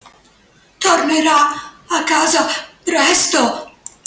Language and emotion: Italian, fearful